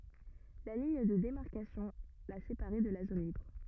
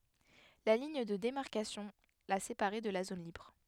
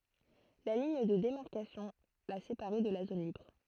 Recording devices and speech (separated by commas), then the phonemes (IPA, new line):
rigid in-ear microphone, headset microphone, throat microphone, read sentence
la liɲ də demaʁkasjɔ̃ la sepaʁɛ də la zon libʁ